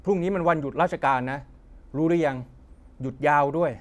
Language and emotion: Thai, neutral